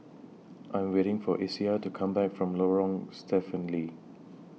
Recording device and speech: mobile phone (iPhone 6), read sentence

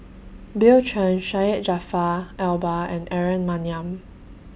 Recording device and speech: boundary microphone (BM630), read sentence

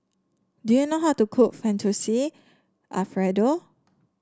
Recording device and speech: standing microphone (AKG C214), read sentence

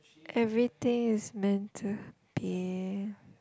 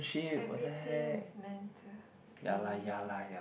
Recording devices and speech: close-talking microphone, boundary microphone, conversation in the same room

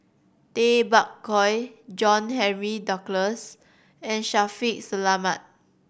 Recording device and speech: boundary microphone (BM630), read sentence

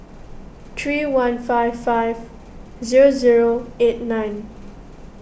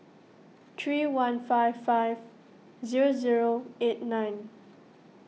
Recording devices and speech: boundary microphone (BM630), mobile phone (iPhone 6), read sentence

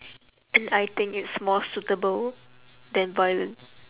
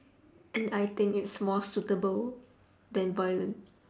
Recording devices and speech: telephone, standing microphone, conversation in separate rooms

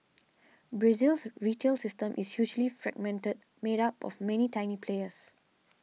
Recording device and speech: mobile phone (iPhone 6), read sentence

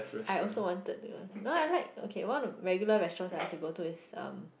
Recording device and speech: boundary microphone, conversation in the same room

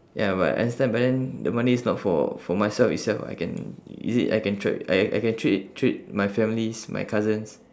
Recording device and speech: standing microphone, conversation in separate rooms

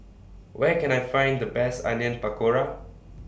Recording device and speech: boundary microphone (BM630), read sentence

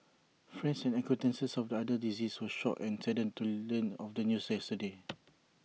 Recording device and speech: mobile phone (iPhone 6), read sentence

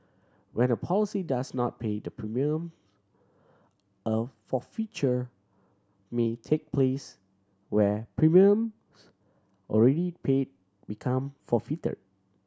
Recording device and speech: standing microphone (AKG C214), read sentence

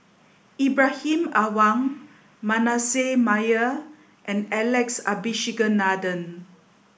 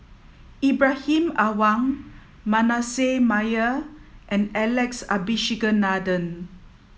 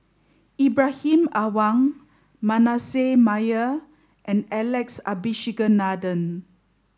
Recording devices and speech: boundary microphone (BM630), mobile phone (iPhone 7), standing microphone (AKG C214), read sentence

